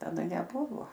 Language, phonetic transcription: Lithuanian, taˈda neˈbuvo

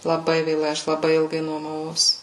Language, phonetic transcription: Lithuanian, laˈbai vėˈlai ˈaš laˈbai ˈilgai nuomaˈvaus

